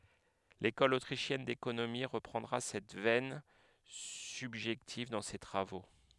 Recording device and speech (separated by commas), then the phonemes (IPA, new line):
headset microphone, read sentence
lekɔl otʁiʃjɛn dekonomi ʁəpʁɑ̃dʁa sɛt vɛn sybʒɛktiv dɑ̃ se tʁavo